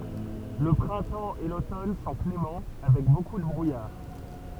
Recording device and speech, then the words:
temple vibration pickup, read sentence
Le printemps et l'automne sont cléments, avec beaucoup de brouillard.

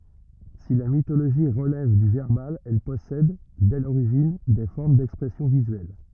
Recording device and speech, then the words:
rigid in-ear microphone, read sentence
Si la mythologie relève du verbal, elle possède, dès l'origine, des formes d'expression visuelle.

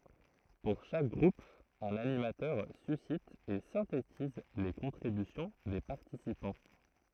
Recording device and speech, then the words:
throat microphone, read sentence
Pour chaque groupe un animateur suscite et synthétise les contributions des participants.

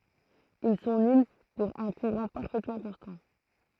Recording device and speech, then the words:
throat microphone, read sentence
Ils sont nuls pour un courant parfaitement constant.

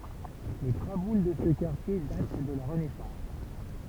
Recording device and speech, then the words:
temple vibration pickup, read sentence
Les traboules de ce quartier datent de la Renaissance.

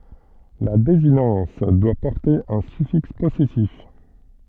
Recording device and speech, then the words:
soft in-ear microphone, read sentence
La désinence doit porter un suffixe possessif.

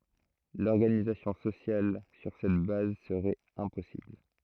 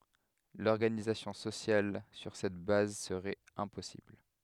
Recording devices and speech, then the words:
throat microphone, headset microphone, read sentence
L'organisation sociale sur cette base serait impossible.

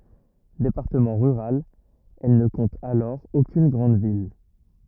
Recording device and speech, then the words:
rigid in-ear microphone, read sentence
Département rural, elle ne compte alors aucune grande ville.

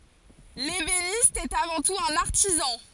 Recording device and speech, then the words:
forehead accelerometer, read sentence
L'ébéniste est avant tout un artisan.

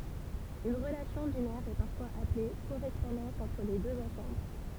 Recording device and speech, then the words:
temple vibration pickup, read sentence
Une relation binaire est parfois appelée correspondance entre les deux ensembles.

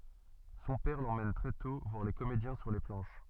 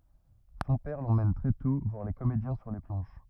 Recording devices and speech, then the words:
soft in-ear microphone, rigid in-ear microphone, read sentence
Son père l'emmène très tôt voir les comédiens sur les planches.

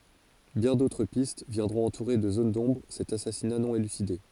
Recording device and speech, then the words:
forehead accelerometer, read sentence
Bien d'autres pistes viendront entourer de zones d'ombre cet assassinat non élucidé.

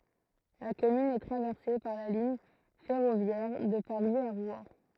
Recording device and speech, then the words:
throat microphone, read sentence
La commune est traversée par la ligne ferroviaire de Paris à Rouen.

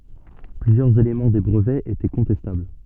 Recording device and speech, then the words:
soft in-ear microphone, read sentence
Plusieurs éléments des brevets étaient contestables.

